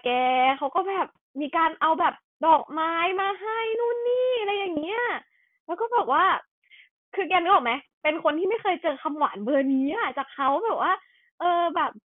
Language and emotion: Thai, happy